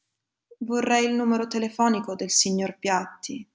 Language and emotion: Italian, sad